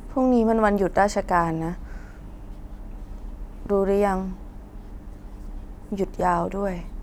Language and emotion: Thai, sad